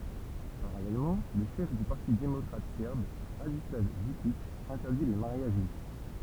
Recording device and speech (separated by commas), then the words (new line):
temple vibration pickup, read sentence
Parallèlement, le chef du parti démocratique serbe, Radislav Vukić, interdit les mariages mixtes.